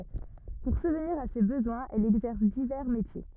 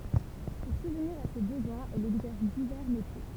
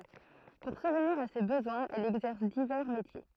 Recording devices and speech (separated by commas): rigid in-ear microphone, temple vibration pickup, throat microphone, read sentence